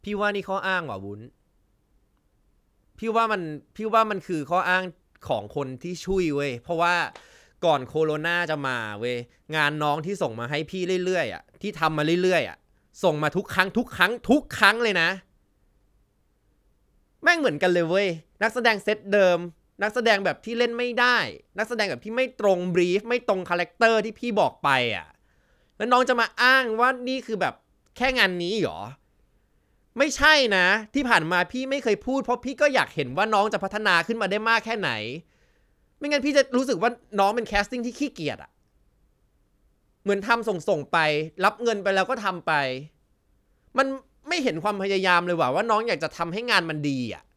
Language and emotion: Thai, frustrated